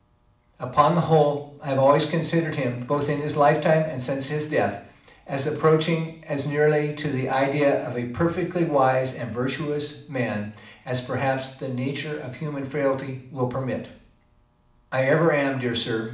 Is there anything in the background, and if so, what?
Nothing.